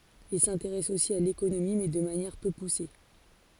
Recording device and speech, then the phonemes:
forehead accelerometer, read sentence
il sɛ̃teʁɛs osi a lekonomi mɛ də manjɛʁ pø puse

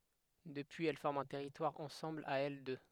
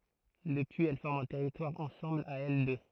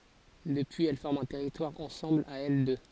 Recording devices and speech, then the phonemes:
headset microphone, throat microphone, forehead accelerometer, read sentence
dəpyiz ɛl fɔʁmt œ̃ tɛʁitwaʁ ɑ̃sɑ̃bl a ɛl dø

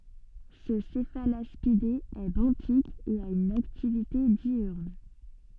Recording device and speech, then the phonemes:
soft in-ear microphone, read sentence
sə sɛfalaspide ɛ bɑ̃tik e a yn aktivite djyʁn

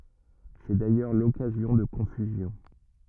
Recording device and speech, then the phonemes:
rigid in-ear microphone, read sentence
sɛ dajœʁ lɔkazjɔ̃ də kɔ̃fyzjɔ̃

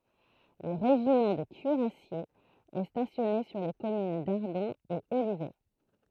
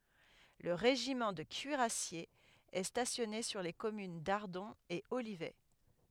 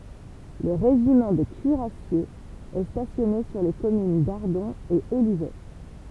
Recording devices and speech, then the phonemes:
throat microphone, headset microphone, temple vibration pickup, read sentence
lə ʁeʒimɑ̃ də kyiʁasjez ɛ stasjɔne syʁ le kɔmyn daʁdɔ̃ e olivɛ

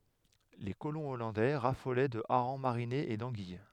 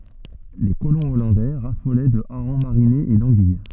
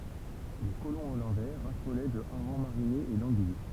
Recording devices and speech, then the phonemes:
headset microphone, soft in-ear microphone, temple vibration pickup, read sentence
le kolɔ̃ ɔlɑ̃dɛ ʁafolɛ də aʁɑ̃ maʁinez e dɑ̃ɡij

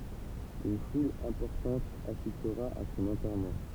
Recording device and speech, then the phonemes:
temple vibration pickup, read sentence
yn ful ɛ̃pɔʁtɑ̃t asistʁa a sɔ̃n ɑ̃tɛʁmɑ̃

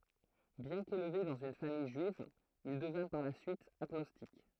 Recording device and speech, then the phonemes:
throat microphone, read sentence
bjɛ̃ kelve dɑ̃z yn famij ʒyiv il dəvɛ̃ paʁ la syit aɡnɔstik

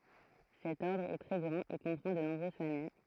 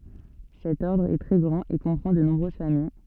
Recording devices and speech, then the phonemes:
throat microphone, soft in-ear microphone, read sentence
sɛt ɔʁdʁ ɛ tʁɛ ɡʁɑ̃t e kɔ̃pʁɑ̃ də nɔ̃bʁøz famij

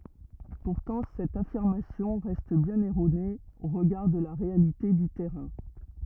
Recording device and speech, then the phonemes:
rigid in-ear microphone, read sentence
puʁtɑ̃ sɛt afiʁmasjɔ̃ ʁɛst bjɛ̃n ɛʁone o ʁəɡaʁ də la ʁealite dy tɛʁɛ̃

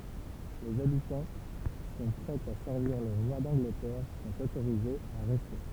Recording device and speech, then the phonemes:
temple vibration pickup, read sentence
lez abitɑ̃ ki sɔ̃ pʁɛz a sɛʁviʁ lə ʁwa dɑ̃ɡlətɛʁ sɔ̃t otoʁizez a ʁɛste

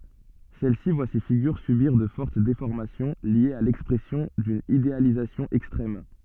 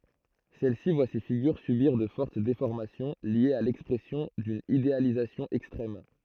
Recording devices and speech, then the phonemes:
soft in-ear microphone, throat microphone, read sentence
sɛl si vwa se fiɡyʁ sybiʁ də fɔʁt defɔʁmasjɔ̃ ljez a lɛkspʁɛsjɔ̃ dyn idealizasjɔ̃ ɛkstʁɛm

